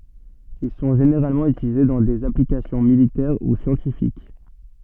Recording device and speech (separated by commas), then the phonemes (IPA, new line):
soft in-ear microphone, read sentence
il sɔ̃ ʒeneʁalmɑ̃ ytilize dɑ̃ dez aplikasjɔ̃ militɛʁ u sjɑ̃tifik